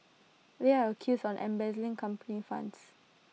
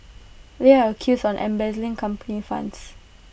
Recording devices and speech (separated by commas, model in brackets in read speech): mobile phone (iPhone 6), boundary microphone (BM630), read sentence